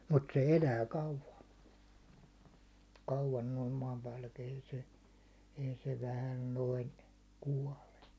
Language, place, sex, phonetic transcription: Finnish, Hollola, male, mut se "elää "kauva , 'kauvan noim 'maampäälläki ei se , 'ei se 'vähäl 'noin , 'kuåle .
- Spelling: mutta se elää kauan kauan noin maanpäälläkin ei se ei se vähällä noin kuole

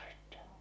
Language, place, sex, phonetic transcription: Finnish, Salla, male, sittɛ .
- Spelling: sitten

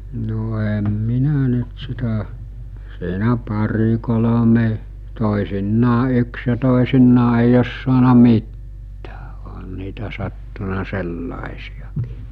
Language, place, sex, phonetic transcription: Finnish, Mikkeli, male, no em 'minä nyt sitä , siinä 'pari 'kolome , 'tòisinnaa 'yks ja 'tòisinnaa eij ‿os suana "mittᴀ̈ᴀ̈ ᴏɦan niitä sattuna 'sellàesijakÌ .
- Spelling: no en minä nyt sitä siinä pari kolme toisinaan yksi ja toisinaan ei ole saanut mitään ihan niitä sattunut sellaisiakin

